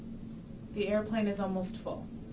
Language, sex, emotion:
English, female, neutral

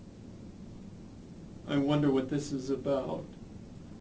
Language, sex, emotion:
English, male, fearful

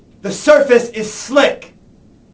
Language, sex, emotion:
English, male, angry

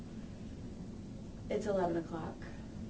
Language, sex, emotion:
English, female, neutral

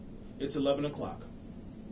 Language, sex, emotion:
English, male, neutral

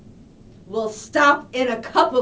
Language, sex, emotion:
English, female, angry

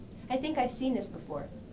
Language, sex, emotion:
English, female, neutral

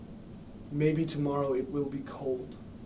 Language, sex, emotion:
English, male, neutral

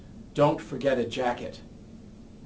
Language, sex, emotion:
English, male, neutral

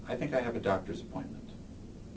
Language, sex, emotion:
English, male, neutral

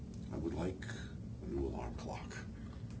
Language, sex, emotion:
English, male, neutral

